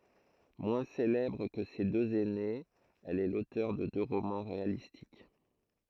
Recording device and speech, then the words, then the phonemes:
throat microphone, read sentence
Moins célèbre que ses deux aînées, elle est l'auteur de deux romans réalistiques.
mwɛ̃ selɛbʁ kə se døz ɛnez ɛl ɛ lotœʁ də dø ʁomɑ̃ ʁealistik

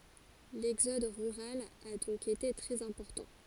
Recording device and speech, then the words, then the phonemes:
forehead accelerometer, read sentence
L'exode rural a donc été très important.
lɛɡzɔd ʁyʁal a dɔ̃k ete tʁɛz ɛ̃pɔʁtɑ̃

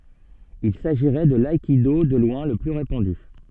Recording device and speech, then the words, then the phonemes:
soft in-ear microphone, read sentence
Il s'agirait de l'aïkido de loin le plus répandu.
il saʒiʁɛ də laikido də lwɛ̃ lə ply ʁepɑ̃dy

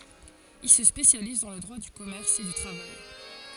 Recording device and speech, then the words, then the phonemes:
forehead accelerometer, read sentence
Il se spécialise dans le droit du commerce et du travail.
il sə spesjaliz dɑ̃ lə dʁwa dy kɔmɛʁs e dy tʁavaj

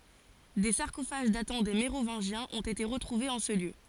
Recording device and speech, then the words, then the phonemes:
forehead accelerometer, read sentence
Des sarcophages datant des Mérovingiens ont été retrouvés en ce lieu.
de saʁkofaʒ datɑ̃ de meʁovɛ̃ʒjɛ̃z ɔ̃t ete ʁətʁuvez ɑ̃ sə ljø

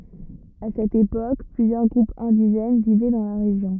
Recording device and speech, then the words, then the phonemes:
rigid in-ear microphone, read sentence
À cette époque, plusieurs groupes indigènes vivaient dans la région.
a sɛt epok plyzjœʁ ɡʁupz ɛ̃diʒɛn vivɛ dɑ̃ la ʁeʒjɔ̃

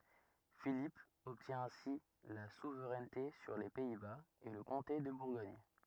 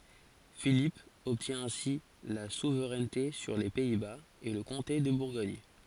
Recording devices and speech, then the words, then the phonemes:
rigid in-ear microphone, forehead accelerometer, read sentence
Philippe obtient ainsi la souveraineté sur les Pays-Bas et le comté de Bourgogne.
filip ɔbtjɛ̃ ɛ̃si la suvʁɛnte syʁ le pɛi baz e lə kɔ̃te də buʁɡɔɲ

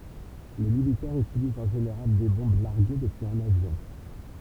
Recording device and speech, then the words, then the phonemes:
temple vibration pickup, read sentence
Les militaires utilisent en général des bombes larguées depuis un avion.
le militɛʁz ytilizt ɑ̃ ʒeneʁal de bɔ̃b laʁɡe dəpyiz œ̃n avjɔ̃

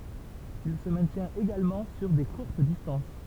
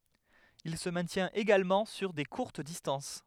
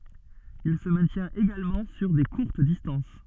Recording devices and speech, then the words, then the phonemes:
temple vibration pickup, headset microphone, soft in-ear microphone, read sentence
Il se maintient également sur des courtes distances.
il sə mɛ̃tjɛ̃t eɡalmɑ̃ syʁ de kuʁt distɑ̃s

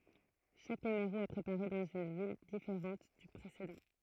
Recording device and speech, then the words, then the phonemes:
throat microphone, read sentence
Chaque numéro est préparé dans une ville différente du précédent.
ʃak nymeʁo ɛ pʁepaʁe dɑ̃z yn vil difeʁɑ̃t dy pʁesedɑ̃

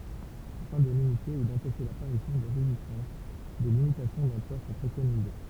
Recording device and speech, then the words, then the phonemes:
temple vibration pickup, read sentence
Afin de limiter ou d'empêcher l'apparition de résistance, des limitations d'emploi sont préconisées.
afɛ̃ də limite u dɑ̃pɛʃe lapaʁisjɔ̃ də ʁezistɑ̃s de limitasjɔ̃ dɑ̃plwa sɔ̃ pʁekonize

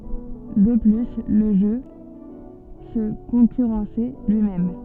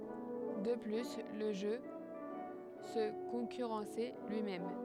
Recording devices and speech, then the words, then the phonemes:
soft in-ear microphone, headset microphone, read sentence
De plus, le jeu se concurrençait lui-même.
də ply lə ʒø sə kɔ̃kyʁɑ̃sɛ lyimɛm

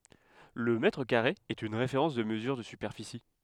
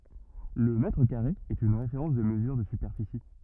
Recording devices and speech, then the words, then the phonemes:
headset microphone, rigid in-ear microphone, read sentence
Le mètre carré est une référence de mesure de superficie.
lə mɛtʁ kaʁe ɛt yn ʁefeʁɑ̃s də məzyʁ də sypɛʁfisi

